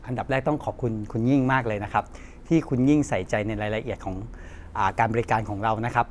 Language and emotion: Thai, neutral